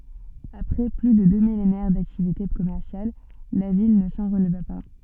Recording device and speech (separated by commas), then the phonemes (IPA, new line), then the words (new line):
soft in-ear microphone, read sentence
apʁɛ ply də dø milenɛʁ daktivite kɔmɛʁsjal la vil nə sɑ̃ ʁəlva pa
Après plus de deux millénaires d'activités commerciales, la ville ne s'en releva pas.